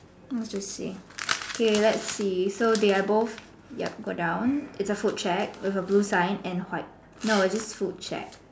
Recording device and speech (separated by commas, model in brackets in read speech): standing microphone, conversation in separate rooms